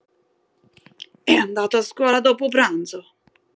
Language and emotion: Italian, angry